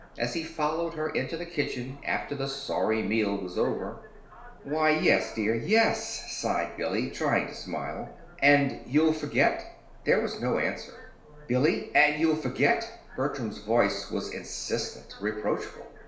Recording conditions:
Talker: one person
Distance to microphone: 1.0 m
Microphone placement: close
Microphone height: 1.1 m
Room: small (3.7 m by 2.7 m)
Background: television

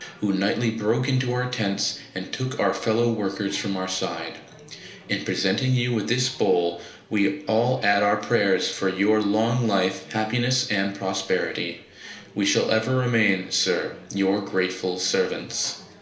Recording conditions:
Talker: one person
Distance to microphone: 1.0 m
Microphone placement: close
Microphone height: 1.1 m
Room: small (3.7 m by 2.7 m)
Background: babble

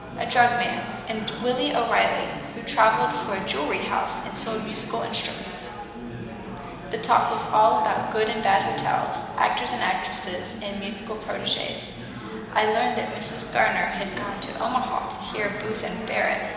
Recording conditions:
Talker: one person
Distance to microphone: 1.7 m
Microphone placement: close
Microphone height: 1.0 m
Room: very reverberant, large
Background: babble

